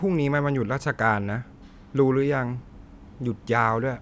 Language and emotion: Thai, frustrated